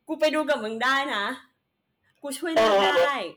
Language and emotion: Thai, happy